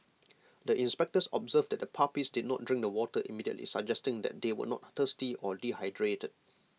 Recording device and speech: mobile phone (iPhone 6), read sentence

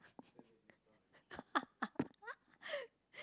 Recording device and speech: close-talking microphone, conversation in the same room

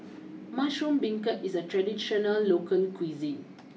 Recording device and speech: mobile phone (iPhone 6), read sentence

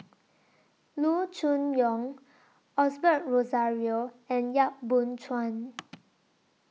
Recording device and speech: mobile phone (iPhone 6), read sentence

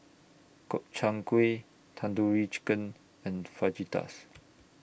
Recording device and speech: boundary microphone (BM630), read sentence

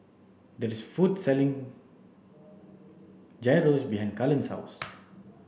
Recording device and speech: boundary microphone (BM630), read sentence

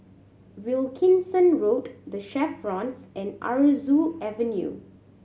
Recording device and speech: mobile phone (Samsung C7100), read sentence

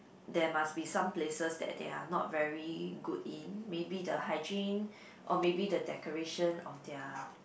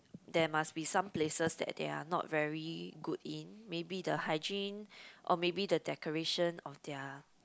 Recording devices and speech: boundary microphone, close-talking microphone, conversation in the same room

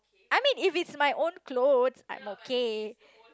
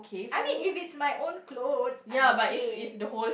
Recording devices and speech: close-talking microphone, boundary microphone, conversation in the same room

